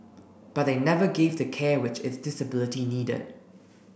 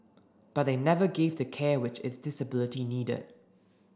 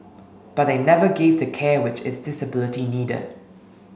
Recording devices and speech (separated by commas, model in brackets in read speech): boundary microphone (BM630), standing microphone (AKG C214), mobile phone (Samsung S8), read sentence